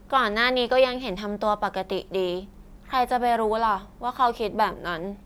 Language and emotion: Thai, neutral